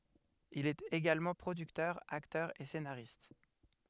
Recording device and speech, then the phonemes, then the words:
headset microphone, read sentence
il ɛt eɡalmɑ̃ pʁodyktœʁ aktœʁ e senaʁist
Il est également producteur, acteur et scénariste.

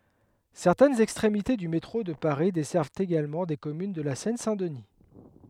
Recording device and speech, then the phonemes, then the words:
headset microphone, read sentence
sɛʁtɛnz ɛkstʁemite dy metʁo də paʁi dɛsɛʁvt eɡalmɑ̃ de kɔmyn də la sɛn sɛ̃ dəni
Certaines extrémités du métro de Paris desservent également des communes de la Seine-Saint-Denis.

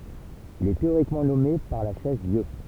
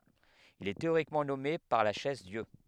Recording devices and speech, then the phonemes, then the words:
temple vibration pickup, headset microphone, read sentence
il ɛ teoʁikmɑ̃ nɔme paʁ la ʃɛzdjø
Il est théoriquement nommé par la Chaise-Dieu.

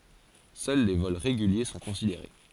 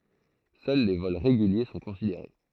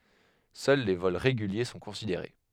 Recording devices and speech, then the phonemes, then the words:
forehead accelerometer, throat microphone, headset microphone, read sentence
sœl le vɔl ʁeɡylje sɔ̃ kɔ̃sideʁe
Seuls les vols réguliers sont considérés.

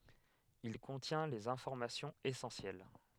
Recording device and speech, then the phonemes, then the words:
headset microphone, read sentence
il kɔ̃tjɛ̃ lez ɛ̃fɔʁmasjɔ̃z esɑ̃sjɛl
Il contient les informations essentielles.

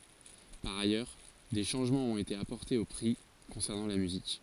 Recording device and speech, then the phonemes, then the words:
forehead accelerometer, read sentence
paʁ ajœʁ de ʃɑ̃ʒmɑ̃z ɔ̃t ete apɔʁtez o pʁi kɔ̃sɛʁnɑ̃ la myzik
Par ailleurs, des changements ont été apportés aux prix concernant la musique.

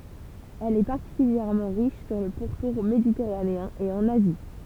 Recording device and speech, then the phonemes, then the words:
temple vibration pickup, read sentence
ɛl ɛ paʁtikyljɛʁmɑ̃ ʁiʃ syʁ lə puʁtuʁ meditɛʁaneɛ̃ e ɑ̃n azi
Elle est particulièrement riche sur le pourtour méditerranéen et en Asie.

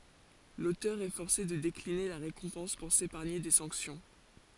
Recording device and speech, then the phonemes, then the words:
forehead accelerometer, read sentence
lotœʁ ɛ fɔʁse də dekline la ʁekɔ̃pɑ̃s puʁ sepaʁɲe de sɑ̃ksjɔ̃
L'auteur est forcé de décliner la récompense pour s'épargner des sanctions.

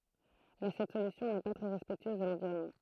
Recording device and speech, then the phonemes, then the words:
throat microphone, read sentence
mɛ sɛt solysjɔ̃ nɛ pa tʁɛ ʁɛspɛktyøz də lɑ̃viʁɔnmɑ̃
Mais cette solution n'est pas très respectueuse de l'environnement.

